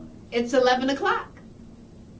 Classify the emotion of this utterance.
happy